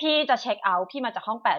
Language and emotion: Thai, neutral